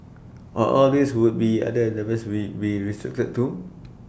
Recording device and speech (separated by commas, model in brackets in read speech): boundary microphone (BM630), read sentence